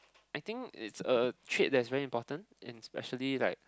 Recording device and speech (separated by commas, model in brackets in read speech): close-talking microphone, conversation in the same room